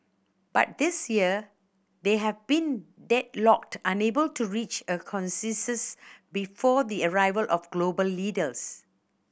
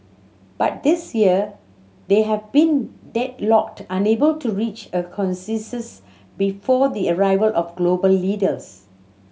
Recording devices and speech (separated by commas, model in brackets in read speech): boundary microphone (BM630), mobile phone (Samsung C7100), read sentence